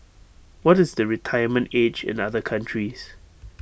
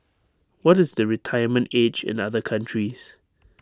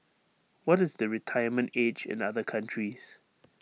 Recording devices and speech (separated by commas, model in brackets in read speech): boundary microphone (BM630), standing microphone (AKG C214), mobile phone (iPhone 6), read sentence